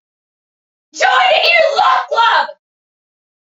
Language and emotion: English, angry